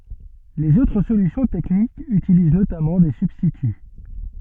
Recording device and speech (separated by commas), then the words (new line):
soft in-ear microphone, read sentence
Les autres solutions techniques utilisent notamment des substituts.